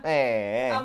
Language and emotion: Thai, happy